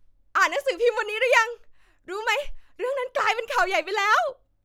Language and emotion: Thai, happy